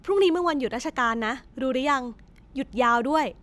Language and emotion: Thai, happy